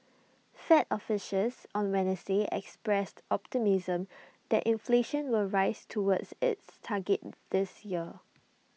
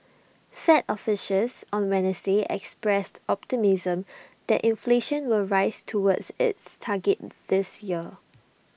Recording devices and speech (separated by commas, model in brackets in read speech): mobile phone (iPhone 6), boundary microphone (BM630), read sentence